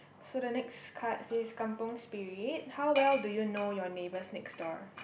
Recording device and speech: boundary microphone, conversation in the same room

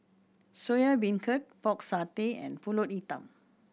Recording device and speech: boundary microphone (BM630), read sentence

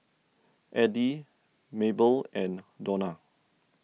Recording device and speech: mobile phone (iPhone 6), read sentence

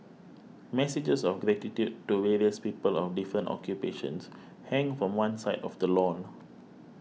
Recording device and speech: mobile phone (iPhone 6), read sentence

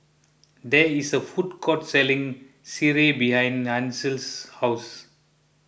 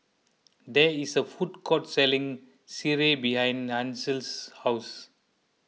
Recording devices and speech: boundary microphone (BM630), mobile phone (iPhone 6), read sentence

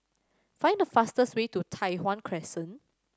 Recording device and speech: standing microphone (AKG C214), read sentence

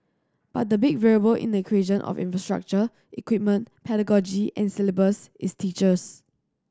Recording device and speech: standing microphone (AKG C214), read sentence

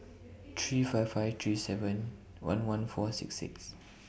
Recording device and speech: boundary microphone (BM630), read sentence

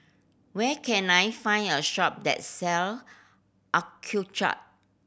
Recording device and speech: boundary microphone (BM630), read sentence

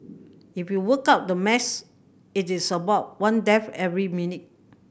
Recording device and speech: boundary microphone (BM630), read sentence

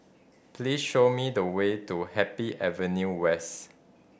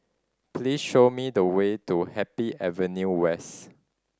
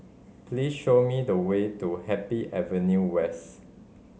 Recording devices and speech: boundary microphone (BM630), standing microphone (AKG C214), mobile phone (Samsung C5010), read sentence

